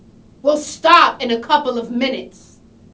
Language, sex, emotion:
English
female
angry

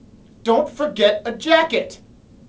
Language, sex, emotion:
English
male
angry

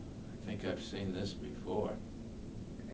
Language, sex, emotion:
English
male
neutral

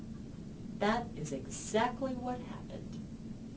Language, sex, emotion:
English
female
neutral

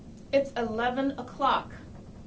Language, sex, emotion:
English
female
angry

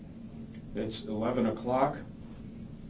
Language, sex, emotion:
English
male
neutral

